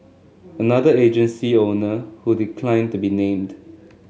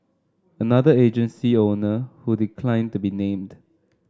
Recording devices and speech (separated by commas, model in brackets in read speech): mobile phone (Samsung S8), standing microphone (AKG C214), read sentence